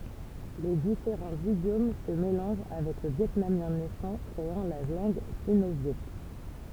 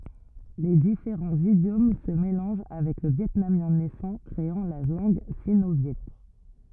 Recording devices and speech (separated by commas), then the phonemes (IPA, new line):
temple vibration pickup, rigid in-ear microphone, read sentence
le difeʁɑ̃z idjom sə melɑ̃ʒ avɛk lə vjɛtnamjɛ̃ nɛsɑ̃ kʁeɑ̃ la lɑ̃ɡ sino vjɛ